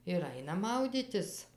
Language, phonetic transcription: Lithuanian, ir ˈaina ˈmaudytis

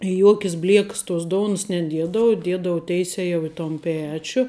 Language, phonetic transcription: Lithuanian, i ˈjuokis ˈblieks tos ˈdouns neˈdiedavu ˈdiedavu ˈteise jau i ton ˈpečiu

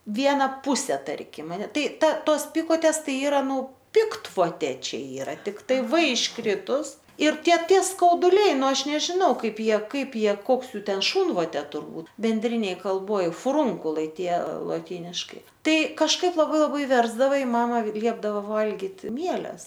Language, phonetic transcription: Lithuanian, ˈviena ˈpuse ˈtarkim aˈne ˈtos ˈpikotės ˈtai ˈyra ˈnu ˈpiktvotė ˈčia ˈyra tikˈtai v išˈkritus ir ˈtie ˈtie skauduˈliai ˈnu ˈaš nežiˈnau ˈkaip ˈjie ˈkaip ˈjie ˈkoks ˈjų ˈten ˈšūnvotė turˈbūt benˈdrinėj kalˈboj fuˈrūnkulai ˈtie lotyniškai ˈtai kažˈkaip laˈbai laˈbai ˈversdava i ˈmama ˈliepdava ˈvalgit ˈmieles

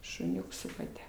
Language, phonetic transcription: Lithuanian, šuˈniuks su kaˈte

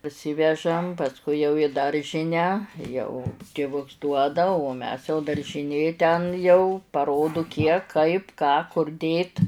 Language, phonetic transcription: Lithuanian, parˈsivežam pasˈkui jau i ˈdaržinę ˈjau tiˈvuks ˈduoda o ˈmes jau daržiˈnė ten jau paˈrodu ˈkiek ˈkaip ˈką kur ˈdėt

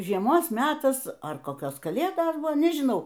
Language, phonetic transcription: Lithuanian, žieˈmos ˈmetas ar koˈkios kaˈlėdos ˈbuvo nežiˈnau

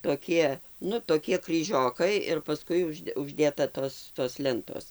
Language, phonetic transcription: Lithuanian, toˈkie ˈnu toˈkie kryˈžiokai ir paˈskui uˈžde užˈdėta ˈtos tos ˈlentos

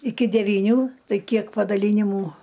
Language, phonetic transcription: Lithuanian, iki devyˈnių ˈtai ˈkiek padaˈlynimų

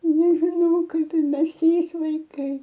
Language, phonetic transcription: Lithuanian, nežiˈnau ˈkaip ir ˈmes ˈtrys vaiˈkai

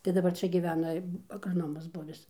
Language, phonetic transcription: Lithuanian, tai daˈbar ˈčia giˈvena agraˈnomas ˈbuvis

